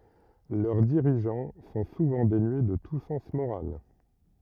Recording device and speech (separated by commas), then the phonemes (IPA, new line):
rigid in-ear microphone, read sentence
lœʁ diʁiʒɑ̃ sɔ̃ suvɑ̃ denye də tu sɑ̃s moʁal